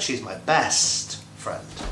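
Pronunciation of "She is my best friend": In 'best', the e and s sounds are stretched.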